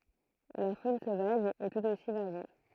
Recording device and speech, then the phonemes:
throat microphone, read sentence
la fon sovaʒ ɛ tut osi vaʁje

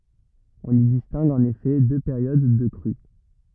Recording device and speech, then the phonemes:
rigid in-ear microphone, read sentence
ɔ̃n i distɛ̃ɡ ɑ̃n efɛ dø peʁjod də kʁy

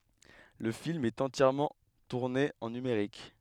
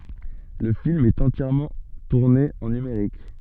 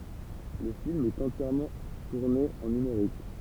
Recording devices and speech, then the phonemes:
headset microphone, soft in-ear microphone, temple vibration pickup, read sentence
lə film ɛt ɑ̃tjɛʁmɑ̃ tuʁne ɑ̃ nymeʁik

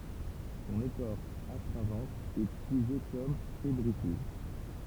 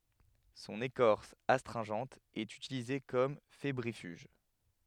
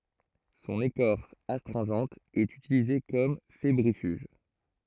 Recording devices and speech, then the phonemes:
temple vibration pickup, headset microphone, throat microphone, read sentence
sɔ̃n ekɔʁs astʁɛ̃ʒɑ̃t ɛt ytilize kɔm febʁifyʒ

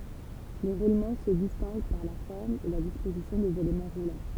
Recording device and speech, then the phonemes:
temple vibration pickup, read sentence
le ʁulmɑ̃ sə distɛ̃ɡ paʁ la fɔʁm e la dispozisjɔ̃ dez elemɑ̃ ʁulɑ̃

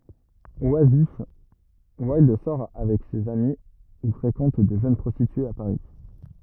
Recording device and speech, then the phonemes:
rigid in-ear microphone, read sentence
wazif wildœʁ sɔʁ avɛk sez ami u fʁekɑ̃t də ʒøn pʁɔstityez a paʁi

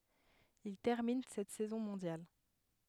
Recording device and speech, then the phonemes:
headset microphone, read sentence
il tɛʁmin sɛt sɛzɔ̃ mɔ̃djal

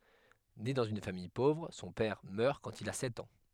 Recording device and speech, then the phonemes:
headset microphone, read sentence
ne dɑ̃z yn famij povʁ sɔ̃ pɛʁ mœʁ kɑ̃t il a sɛt ɑ̃

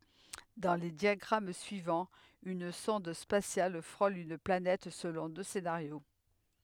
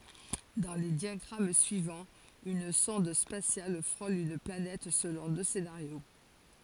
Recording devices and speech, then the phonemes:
headset microphone, forehead accelerometer, read sentence
dɑ̃ le djaɡʁam syivɑ̃z yn sɔ̃d spasjal fʁol yn planɛt səlɔ̃ dø senaʁjo

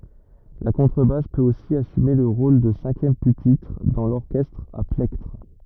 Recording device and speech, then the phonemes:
rigid in-ear microphone, read sentence
la kɔ̃tʁəbas pøt osi asyme lə ʁol də sɛ̃kjɛm pypitʁ dɑ̃ lɔʁkɛstʁ a plɛktʁ

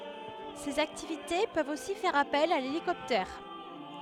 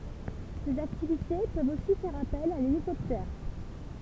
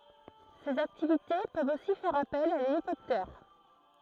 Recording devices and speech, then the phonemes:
headset microphone, temple vibration pickup, throat microphone, read sentence
sez aktivite pøvt osi fɛʁ apɛl a lelikɔptɛʁ

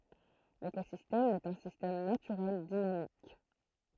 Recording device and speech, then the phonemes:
throat microphone, read sentence
lekozistɛm ɛt œ̃ sistɛm natyʁɛl dinamik

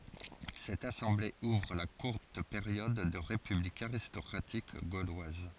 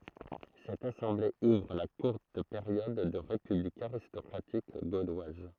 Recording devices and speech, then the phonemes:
forehead accelerometer, throat microphone, read sentence
sɛt asɑ̃ble uvʁ la kuʁt peʁjɔd də ʁepyblik aʁistɔkʁatik ɡolwaz

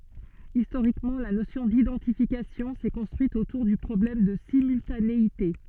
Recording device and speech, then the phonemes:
soft in-ear microphone, read sentence
istoʁikmɑ̃ la nosjɔ̃ didɑ̃tifikasjɔ̃ sɛ kɔ̃stʁyit otuʁ dy pʁɔblɛm də simyltaneite

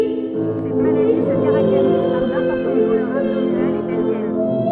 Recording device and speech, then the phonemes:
soft in-ear microphone, read sentence
sɛt maladi sə kaʁakteʁiz paʁ dɛ̃pɔʁtɑ̃t dulœʁz abdominalz e pɛlvjɛn

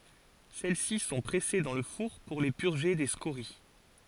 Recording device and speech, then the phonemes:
forehead accelerometer, read sentence
sɛlɛsi sɔ̃ pʁɛse dɑ̃ lə fuʁ puʁ le pyʁʒe de skoʁi

